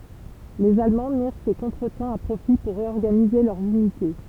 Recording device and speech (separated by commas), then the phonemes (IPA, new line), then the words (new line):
temple vibration pickup, read sentence
lez almɑ̃ miʁ sə kɔ̃tʁətɑ̃ a pʁofi puʁ ʁeɔʁɡanize lœʁz ynite
Les Allemands mirent ce contretemps à profit pour réorganiser leurs unités.